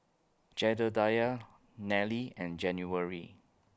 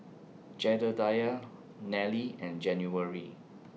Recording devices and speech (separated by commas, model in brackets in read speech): close-talking microphone (WH20), mobile phone (iPhone 6), read sentence